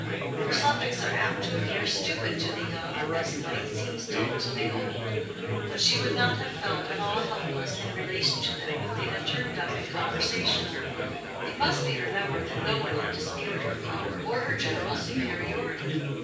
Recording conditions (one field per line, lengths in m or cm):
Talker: one person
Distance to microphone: 9.8 m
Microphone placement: far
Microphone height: 1.8 m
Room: large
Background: babble